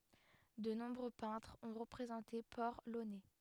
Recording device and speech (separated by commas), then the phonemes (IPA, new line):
headset microphone, read sentence
də nɔ̃bʁø pɛ̃tʁz ɔ̃ ʁəpʁezɑ̃te pɔʁ lonɛ